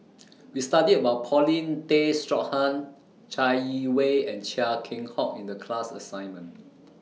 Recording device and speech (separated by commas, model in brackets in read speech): mobile phone (iPhone 6), read sentence